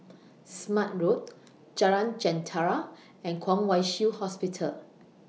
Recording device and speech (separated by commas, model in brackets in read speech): mobile phone (iPhone 6), read sentence